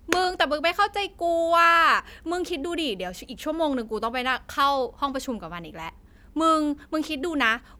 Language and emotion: Thai, frustrated